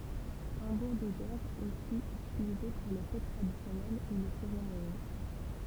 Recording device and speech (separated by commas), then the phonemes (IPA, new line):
temple vibration pickup, read sentence
tɑ̃buʁ də ɡɛʁ osi ytilize puʁ le fɛt tʁadisjɔnɛl u le seʁemoni